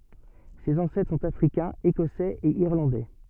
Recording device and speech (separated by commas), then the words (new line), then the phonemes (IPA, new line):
soft in-ear microphone, read sentence
Ses ancêtres sont africains, écossais et irlandais.
sez ɑ̃sɛtʁ sɔ̃t afʁikɛ̃z ekɔsɛz e iʁlɑ̃dɛ